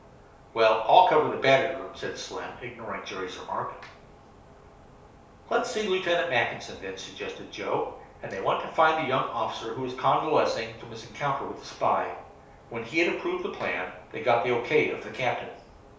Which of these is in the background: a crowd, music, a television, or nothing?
Nothing.